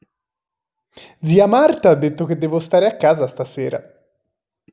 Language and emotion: Italian, happy